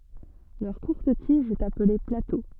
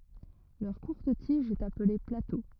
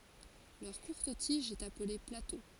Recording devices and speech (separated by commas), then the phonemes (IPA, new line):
soft in-ear microphone, rigid in-ear microphone, forehead accelerometer, read sentence
lœʁ kuʁt tiʒ ɛt aple plato